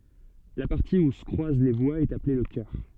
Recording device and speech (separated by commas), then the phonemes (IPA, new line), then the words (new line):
soft in-ear microphone, read sentence
la paʁti u sə kʁwaz le vwaz ɛt aple lə kœʁ
La partie où se croisent les voies est appelée le cœur.